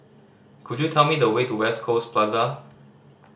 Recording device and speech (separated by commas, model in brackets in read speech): standing microphone (AKG C214), read sentence